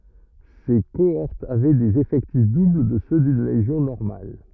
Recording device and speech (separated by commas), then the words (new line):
rigid in-ear microphone, read sentence
Ses cohortes avaient des effectifs doubles de ceux d'une légion normale.